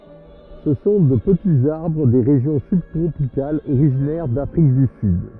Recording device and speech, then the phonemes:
rigid in-ear microphone, read sentence
sə sɔ̃ də pətiz aʁbʁ de ʁeʒjɔ̃ sybtʁopikalz oʁiʒinɛʁ dafʁik dy syd

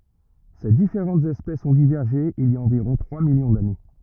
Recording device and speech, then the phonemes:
rigid in-ear microphone, read sentence
se difeʁɑ̃tz ɛspɛsz ɔ̃ divɛʁʒe il i a ɑ̃viʁɔ̃ tʁwa miljɔ̃ dane

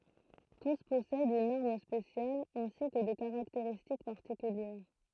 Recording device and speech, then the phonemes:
throat microphone, read sentence
tus pɔsɛdt yn aʁm spesjal ɛ̃si kə de kaʁakteʁistik paʁtikyljɛʁ

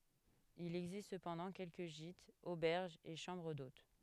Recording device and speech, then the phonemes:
headset microphone, read sentence
il ɛɡzist səpɑ̃dɑ̃ kɛlkə ʒitz obɛʁʒz e ʃɑ̃bʁ dot

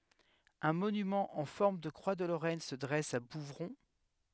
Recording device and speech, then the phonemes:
headset microphone, read sentence
œ̃ monymɑ̃ ɑ̃ fɔʁm də kʁwa də loʁɛn sə dʁɛs a buvʁɔ̃

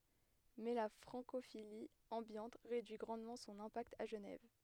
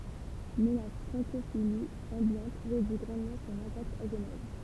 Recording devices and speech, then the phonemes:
headset microphone, temple vibration pickup, read sentence
mɛ la fʁɑ̃kofili ɑ̃bjɑ̃t ʁedyi ɡʁɑ̃dmɑ̃ sɔ̃n ɛ̃pakt a ʒənɛv

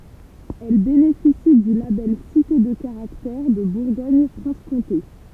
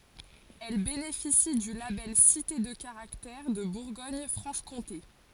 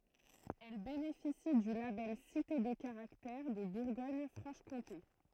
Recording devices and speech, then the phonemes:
temple vibration pickup, forehead accelerometer, throat microphone, read sentence
ɛl benefisi dy labɛl site də kaʁaktɛʁ də buʁɡɔɲ fʁɑ̃ʃ kɔ̃te

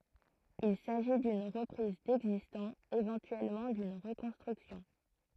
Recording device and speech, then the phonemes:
throat microphone, read sentence
il saʒi dyn ʁəpʁiz dɛɡzistɑ̃ evɑ̃tyɛlmɑ̃ dyn ʁəkɔ̃stʁyksjɔ̃

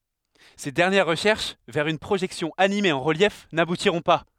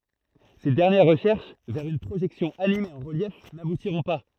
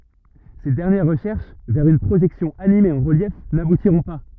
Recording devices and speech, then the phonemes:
headset microphone, throat microphone, rigid in-ear microphone, read sentence
se dɛʁnjɛʁ ʁəʃɛʁʃ vɛʁ yn pʁoʒɛksjɔ̃ anime ɑ̃ ʁəljɛf nabutiʁɔ̃ pa

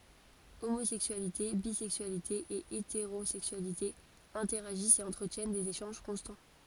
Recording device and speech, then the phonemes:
forehead accelerometer, read sentence
omozɛksyalite bizɛksyalite e eteʁozɛksyalite ɛ̃tɛʁaʒist e ɑ̃tʁətjɛn dez eʃɑ̃ʒ kɔ̃stɑ̃

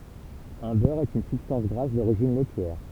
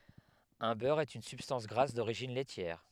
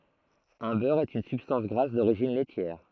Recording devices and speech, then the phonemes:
temple vibration pickup, headset microphone, throat microphone, read sentence
œ̃ bœʁ ɛt yn sybstɑ̃s ɡʁas doʁiʒin lɛtjɛʁ

